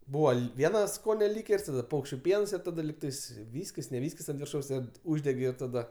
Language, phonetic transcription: Lithuanian, ˈbūva ˈli ˈviena ˈskone ˈlyker's' ˈtada ˈpaukščiu ˈpiens ir ˈtada ˈlygtais ˈvyskis ne ˈvyskis ant virˈšaus ˈkad ˈuždegi ir taˈda

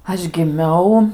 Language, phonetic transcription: Lithuanian, ˈaš giˈmiau

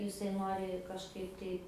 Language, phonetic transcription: Lithuanian, jiˈsai ˈnori kažˈkaip tai

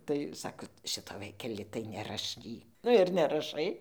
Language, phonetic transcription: Lithuanian, tai ˈsako ˈšito ˈvaikeli tai neraˈšky ˈnu ir neraˈšai

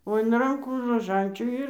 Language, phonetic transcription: Lithuanian, o in ˈrankų roˈžančių ˈir

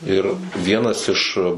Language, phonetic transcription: Lithuanian, ˈir ˈvienas iš

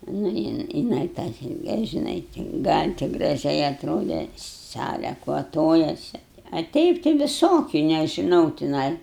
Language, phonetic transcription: Lithuanian, nu ˈjin jiˈnai tą ˈsilke žiˈnai gal' ti graˈžiai atˈrode ˈsale kvaˈtojasi a ˈteip tai viˈsokiu nežiˈnau tiˈnai

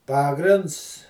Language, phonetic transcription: Lithuanian, ˈpagrinds

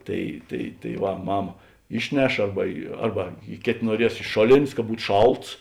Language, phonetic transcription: Lithuanian, ˈtai tai tai va ˈmama ˈišˌneš ˈarba i ˈarba i ˈkėt' nuoˈries iš ˈšoˌlėn's' ka ˈbūt ˈšalts

